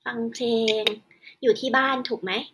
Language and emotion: Thai, neutral